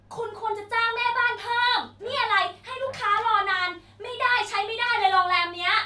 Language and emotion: Thai, angry